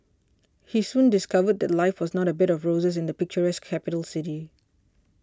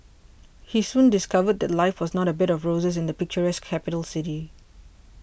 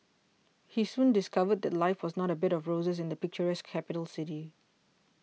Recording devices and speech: standing microphone (AKG C214), boundary microphone (BM630), mobile phone (iPhone 6), read sentence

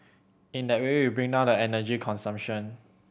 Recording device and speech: boundary microphone (BM630), read sentence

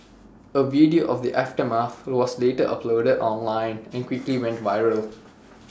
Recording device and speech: standing microphone (AKG C214), read sentence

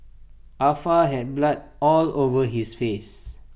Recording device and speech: boundary microphone (BM630), read sentence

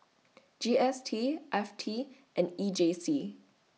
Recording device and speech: mobile phone (iPhone 6), read sentence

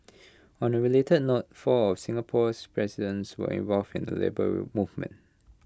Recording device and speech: close-talking microphone (WH20), read sentence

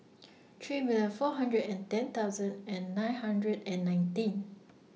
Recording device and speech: mobile phone (iPhone 6), read sentence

